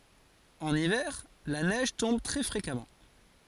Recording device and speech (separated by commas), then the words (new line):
forehead accelerometer, read sentence
En hiver, la neige tombe très fréquemment.